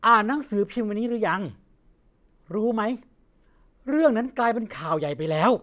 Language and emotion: Thai, frustrated